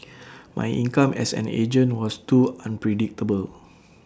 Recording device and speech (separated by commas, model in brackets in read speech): standing microphone (AKG C214), read sentence